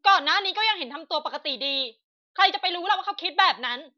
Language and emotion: Thai, angry